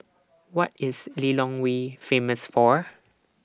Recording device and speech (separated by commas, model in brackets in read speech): standing microphone (AKG C214), read sentence